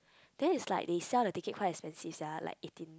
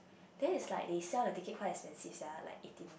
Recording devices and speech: close-talking microphone, boundary microphone, conversation in the same room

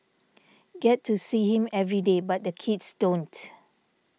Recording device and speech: mobile phone (iPhone 6), read sentence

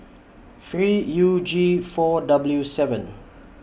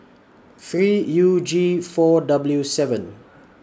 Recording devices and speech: boundary microphone (BM630), standing microphone (AKG C214), read sentence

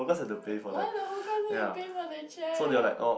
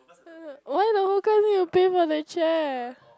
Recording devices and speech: boundary microphone, close-talking microphone, conversation in the same room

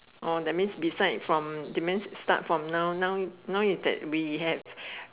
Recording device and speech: telephone, conversation in separate rooms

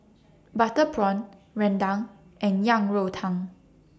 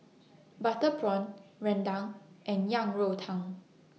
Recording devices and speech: standing microphone (AKG C214), mobile phone (iPhone 6), read sentence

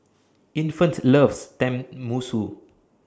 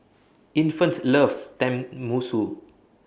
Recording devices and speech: standing microphone (AKG C214), boundary microphone (BM630), read sentence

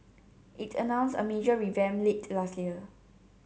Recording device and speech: mobile phone (Samsung C7), read sentence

